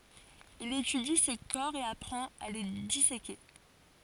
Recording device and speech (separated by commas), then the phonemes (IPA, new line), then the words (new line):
forehead accelerometer, read sentence
il etydi se kɔʁ e apʁɑ̃t a le diseke
Il étudie ces corps et apprend à les disséquer.